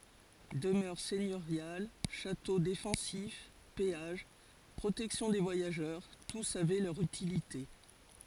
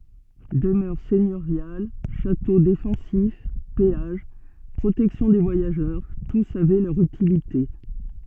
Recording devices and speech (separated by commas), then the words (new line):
forehead accelerometer, soft in-ear microphone, read sentence
Demeures seigneuriales, châteaux défensifs, péages, protection des voyageurs, tous avaient leur utilité.